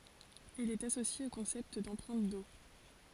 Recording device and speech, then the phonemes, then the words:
forehead accelerometer, read sentence
il ɛt asosje o kɔ̃sɛpt dɑ̃pʁɛ̃t o
Il est associé au concept d'empreinte eau.

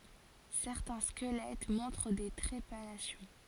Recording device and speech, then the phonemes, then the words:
forehead accelerometer, read sentence
sɛʁtɛ̃ skəlɛt mɔ̃tʁ de tʁepanasjɔ̃
Certains squelettes montrent des trépanations.

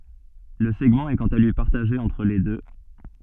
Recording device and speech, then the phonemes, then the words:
soft in-ear microphone, read sentence
lə sɛɡmɑ̃ ɛ kɑ̃t a lyi paʁtaʒe ɑ̃tʁ le dø
Le segment est quant à lui partagé entre les deux.

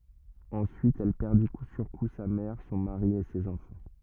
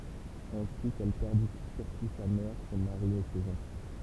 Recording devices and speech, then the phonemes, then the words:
rigid in-ear microphone, temple vibration pickup, read sentence
ɑ̃syit ɛl pɛʁdi ku syʁ ku sa mɛʁ sɔ̃ maʁi e sez ɑ̃fɑ̃
Ensuite elle perdit coup sur coup sa mère, son mari et ses enfants.

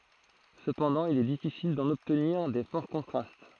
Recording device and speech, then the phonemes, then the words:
throat microphone, read sentence
səpɑ̃dɑ̃ il ɛ difisil dɑ̃n ɔbtniʁ de fɔʁ kɔ̃tʁast
Cependant, il est difficile d'en obtenir des forts contrastes.

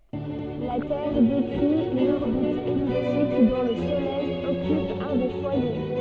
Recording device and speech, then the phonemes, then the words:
soft in-ear microphone, read sentence
la tɛʁ dekʁi yn ɔʁbit ɛliptik dɔ̃ lə solɛj ɔkyp œ̃ de fwaje
La Terre décrit une orbite elliptique dont le Soleil occupe un des foyers.

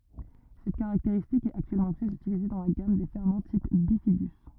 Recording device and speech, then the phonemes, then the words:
rigid in-ear microphone, read sentence
sɛt kaʁakteʁistik ɛt aktyɛlmɑ̃ tʁɛz ytilize dɑ̃ la ɡam de fɛʁmɑ̃ tip bifidy
Cette caractéristique est actuellement très utilisée dans la gamme des ferments type bifidus.

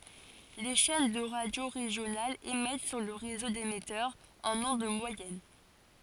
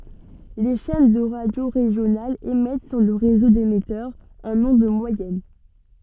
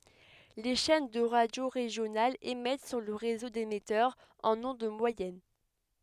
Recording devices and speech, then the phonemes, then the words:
forehead accelerometer, soft in-ear microphone, headset microphone, read sentence
le ʃɛn də ʁadjo ʁeʒjonalz emɛt syʁ lə ʁezo demɛtœʁz ɑ̃n ɔ̃d mwajɛn
Les chaînes de radio régionales émettent sur le réseau d'émetteurs en ondes moyennes.

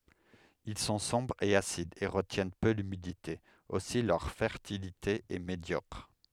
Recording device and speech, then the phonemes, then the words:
headset microphone, read sentence
il sɔ̃ sɔ̃bʁz e asidz e ʁətjɛn pø lymidite osi lœʁ fɛʁtilite ɛ medjɔkʁ
Ils sont sombres et acides et retiennent peu l’humidité, aussi leur fertilité est médiocre.

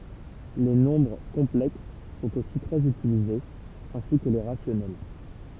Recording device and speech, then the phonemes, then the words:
temple vibration pickup, read sentence
le nɔ̃bʁ kɔ̃plɛks sɔ̃t osi tʁɛz ytilizez ɛ̃si kə le ʁasjɔnɛl
Les nombres complexes sont aussi très utilisés, ainsi que les rationnels.

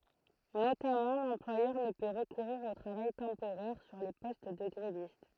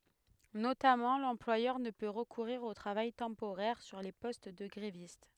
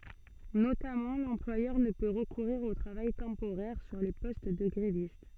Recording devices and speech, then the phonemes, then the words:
throat microphone, headset microphone, soft in-ear microphone, read sentence
notamɑ̃ lɑ̃plwajœʁ nə pø ʁəkuʁiʁ o tʁavaj tɑ̃poʁɛʁ syʁ le pɔst də ɡʁevist
Notamment, l'employeur ne peut recourir au travail temporaire sur les postes de grévistes.

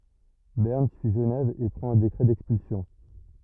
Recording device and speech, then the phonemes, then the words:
rigid in-ear microphone, read sentence
bɛʁn syi ʒənɛv e pʁɑ̃t œ̃ dekʁɛ dɛkspylsjɔ̃
Berne suit Genève et prend un décret d'expulsion.

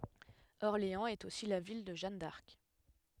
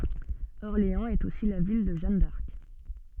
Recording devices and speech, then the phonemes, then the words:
headset microphone, soft in-ear microphone, read sentence
ɔʁleɑ̃z ɛt osi la vil də ʒan daʁk
Orléans est aussi la ville de Jeanne d'Arc.

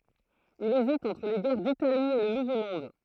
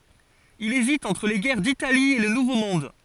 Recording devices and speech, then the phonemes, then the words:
throat microphone, forehead accelerometer, read sentence
il ezit ɑ̃tʁ le ɡɛʁ ditali e lə nuvo mɔ̃d
Il hésite entre les guerres d'Italie et le Nouveau Monde.

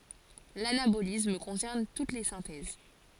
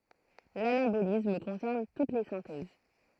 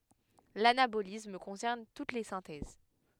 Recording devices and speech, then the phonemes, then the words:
forehead accelerometer, throat microphone, headset microphone, read sentence
lanabolism kɔ̃sɛʁn tut le sɛ̃tɛz
L'anabolisme concerne toutes les synthèses.

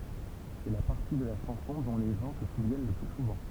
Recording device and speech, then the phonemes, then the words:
temple vibration pickup, read sentence
sɛ la paʁti də la ʃɑ̃sɔ̃ dɔ̃ le ʒɑ̃ sə suvjɛn lə ply suvɑ̃
C’est la partie de la chanson dont les gens se souviennent le plus souvent.

